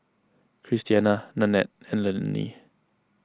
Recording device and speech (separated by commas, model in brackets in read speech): close-talking microphone (WH20), read sentence